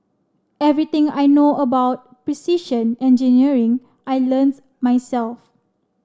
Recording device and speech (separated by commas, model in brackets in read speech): standing microphone (AKG C214), read sentence